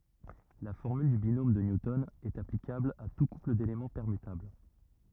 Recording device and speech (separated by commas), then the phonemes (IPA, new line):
rigid in-ear microphone, read sentence
la fɔʁmyl dy binom də njutɔn ɛt aplikabl a tu kupl delemɑ̃ pɛʁmytabl